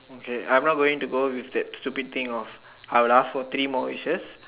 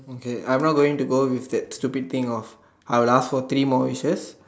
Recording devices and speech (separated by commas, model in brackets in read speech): telephone, standing microphone, conversation in separate rooms